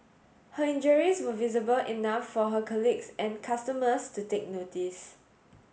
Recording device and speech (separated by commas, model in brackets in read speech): mobile phone (Samsung S8), read sentence